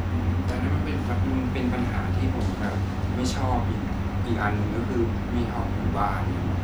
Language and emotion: Thai, frustrated